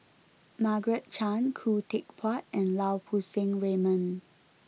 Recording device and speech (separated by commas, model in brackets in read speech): mobile phone (iPhone 6), read sentence